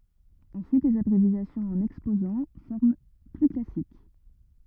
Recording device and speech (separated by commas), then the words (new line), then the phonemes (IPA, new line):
rigid in-ear microphone, read sentence
Ensuite les abréviations en Exposant, forme plus classique.
ɑ̃syit lez abʁevjasjɔ̃z ɑ̃n ɛkspozɑ̃ fɔʁm ply klasik